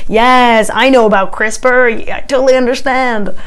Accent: American accent